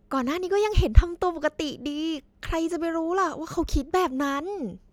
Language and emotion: Thai, happy